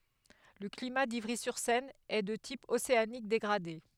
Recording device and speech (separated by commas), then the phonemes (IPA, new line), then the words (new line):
headset microphone, read sentence
lə klima divʁizyʁsɛn ɛ də tip oseanik deɡʁade
Le climat d'Ivry-sur-Seine est de type océanique dégradé.